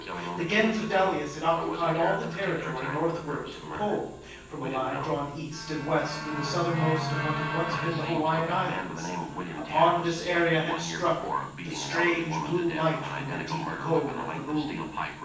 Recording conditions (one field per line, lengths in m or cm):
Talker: one person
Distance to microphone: 9.8 m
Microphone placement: far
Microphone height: 1.8 m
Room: large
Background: television